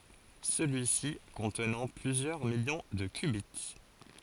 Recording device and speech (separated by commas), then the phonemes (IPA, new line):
forehead accelerometer, read sentence
səlyi si kɔ̃tnɑ̃ plyzjœʁ miljɔ̃ də kbi